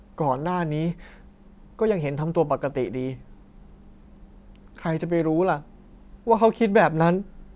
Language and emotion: Thai, sad